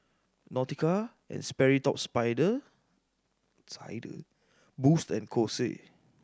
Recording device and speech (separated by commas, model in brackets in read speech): standing microphone (AKG C214), read sentence